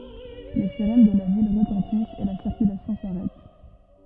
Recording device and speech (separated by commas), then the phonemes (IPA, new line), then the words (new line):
rigid in-ear microphone, read sentence
le siʁɛn də la vil ʁətɑ̃tist e la siʁkylasjɔ̃ saʁɛt
Les sirènes de la ville retentissent et la circulation s'arrête.